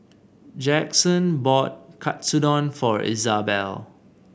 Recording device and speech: boundary microphone (BM630), read sentence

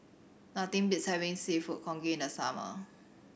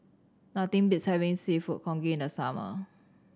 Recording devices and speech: boundary microphone (BM630), standing microphone (AKG C214), read sentence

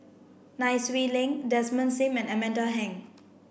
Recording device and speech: boundary microphone (BM630), read sentence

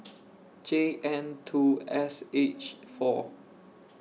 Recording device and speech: mobile phone (iPhone 6), read sentence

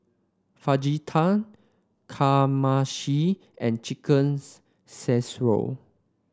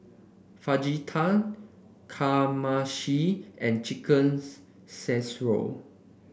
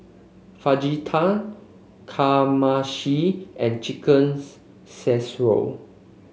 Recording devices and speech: standing microphone (AKG C214), boundary microphone (BM630), mobile phone (Samsung C5), read sentence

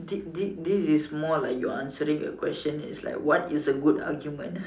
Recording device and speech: standing microphone, conversation in separate rooms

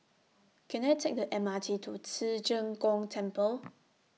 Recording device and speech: mobile phone (iPhone 6), read sentence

